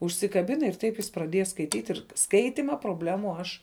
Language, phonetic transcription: Lithuanian, užsikaˈbina ir ˈtaip jis praˈdieja skaiˈtyt' ir ˈskaitima probˈlemu ˈaš

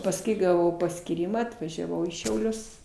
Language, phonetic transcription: Lithuanian, pasˈkui gaˈvau paskyˈryma atvažiaˈvau į šiauˈlius

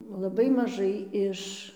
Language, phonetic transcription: Lithuanian, laˈbai maˈžai iš

